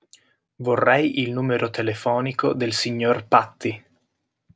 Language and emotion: Italian, neutral